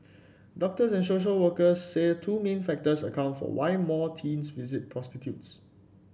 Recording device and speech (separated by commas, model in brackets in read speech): boundary microphone (BM630), read sentence